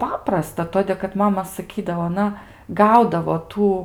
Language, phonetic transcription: Lithuanian, ˈpaprasta ˈtodė kad ˈmama saˈkydavo aˈna ˈgaudavo ˈtų

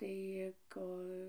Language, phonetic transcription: Lithuanian, tai ˈko

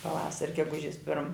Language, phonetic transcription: Lithuanian, paˈvasar' geˈgužis pirm

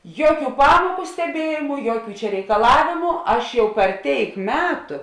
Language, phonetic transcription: Lithuanian, ˈjuoˌkių ˈpamuoku steˈbiejimu ˈjuoˌkių čia reikaˈlavėmu ˈaš jau per ˈtėik ˈmetu

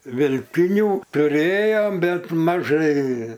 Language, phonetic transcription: Lithuanian, velˈtinių tuˈrėjom ˈbet maˈžai

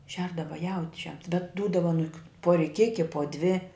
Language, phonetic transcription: Lithuanian, ˈšerdava ˈjaučiam bet ˈdūdava aˈnuk pu riˈkiki po dvi

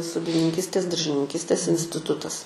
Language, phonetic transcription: Lithuanian, sodininˈkystės daržininˈkystės instiˈtutas

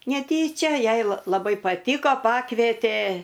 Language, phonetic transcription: Lithuanian, neˈtyčia ˈjai la laˈbai paˈtyko ˈpakvėtė

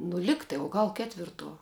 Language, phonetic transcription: Lithuanian, nu ˈligtai o ˈgal ˈketvirˌtuo

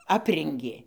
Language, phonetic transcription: Lithuanian, ˈaprengė

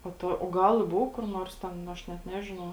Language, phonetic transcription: Lithuanian, po ˈto o ˈgal i ˈbou kur ˈnors ten ˈaš net ˈnežinau

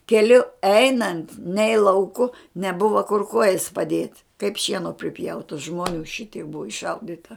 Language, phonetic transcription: Lithuanian, keˈliu ˈeinant nei lauˈku neˈbuva kur ˈkuojas paˈdiet' kaip ˈšieno priˈpjauta žmoˈnių ˈšitiek ˈbuvo išˈšaudita

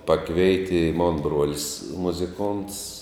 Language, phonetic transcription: Lithuanian, ˈpakveiti i mon ˈbrolis muziˈkonts

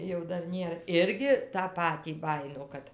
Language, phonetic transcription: Lithuanian, jau ˈdar ˈnėr ˈirgi tą ˈpatį ˈbajino ˈkad

